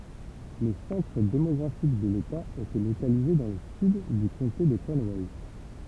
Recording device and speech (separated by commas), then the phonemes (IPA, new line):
temple vibration pickup, read sentence
lə sɑ̃tʁ demɔɡʁafik də leta etɛ lokalize dɑ̃ lə syd dy kɔ̃te də kɔnwɛ